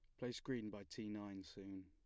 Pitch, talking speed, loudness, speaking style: 105 Hz, 215 wpm, -49 LUFS, plain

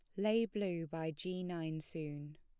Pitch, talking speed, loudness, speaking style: 165 Hz, 165 wpm, -40 LUFS, plain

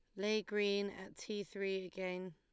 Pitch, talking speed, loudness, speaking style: 195 Hz, 170 wpm, -40 LUFS, Lombard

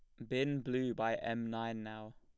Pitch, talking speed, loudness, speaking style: 115 Hz, 195 wpm, -38 LUFS, plain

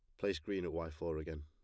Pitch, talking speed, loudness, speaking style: 80 Hz, 295 wpm, -41 LUFS, plain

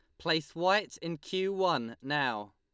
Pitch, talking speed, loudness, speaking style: 165 Hz, 155 wpm, -32 LUFS, Lombard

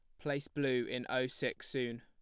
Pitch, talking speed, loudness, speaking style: 130 Hz, 200 wpm, -36 LUFS, plain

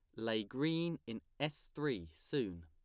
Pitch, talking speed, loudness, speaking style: 115 Hz, 145 wpm, -40 LUFS, plain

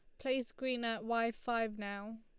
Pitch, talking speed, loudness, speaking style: 230 Hz, 180 wpm, -38 LUFS, Lombard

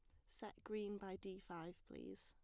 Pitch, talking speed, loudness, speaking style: 190 Hz, 185 wpm, -52 LUFS, plain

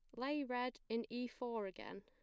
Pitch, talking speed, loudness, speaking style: 245 Hz, 200 wpm, -44 LUFS, plain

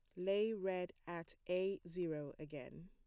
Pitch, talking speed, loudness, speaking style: 180 Hz, 135 wpm, -43 LUFS, plain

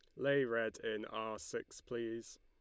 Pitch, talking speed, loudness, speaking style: 115 Hz, 165 wpm, -40 LUFS, Lombard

